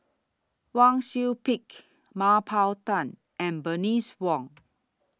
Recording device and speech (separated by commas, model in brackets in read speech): standing microphone (AKG C214), read sentence